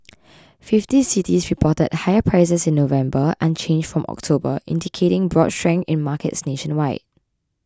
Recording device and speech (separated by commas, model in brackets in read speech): close-talking microphone (WH20), read sentence